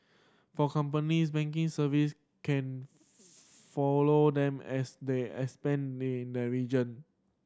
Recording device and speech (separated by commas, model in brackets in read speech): standing microphone (AKG C214), read sentence